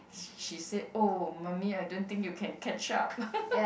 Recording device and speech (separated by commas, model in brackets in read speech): boundary microphone, conversation in the same room